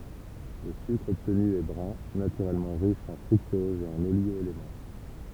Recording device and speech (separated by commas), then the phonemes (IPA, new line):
temple vibration pickup, read sentence
lə sykʁ ɔbtny ɛ bʁœ̃ natyʁɛlmɑ̃ ʁiʃ ɑ̃ fʁyktɔz e oliɡo elemɑ̃